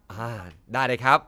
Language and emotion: Thai, happy